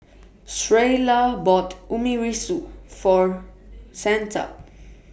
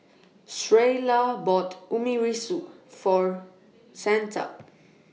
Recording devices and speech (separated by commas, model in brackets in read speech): boundary microphone (BM630), mobile phone (iPhone 6), read sentence